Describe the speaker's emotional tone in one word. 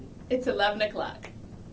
happy